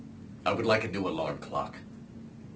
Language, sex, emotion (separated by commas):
English, male, neutral